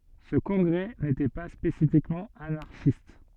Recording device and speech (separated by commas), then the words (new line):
soft in-ear microphone, read sentence
Ce congrès n'était pas spécifiquement anarchiste.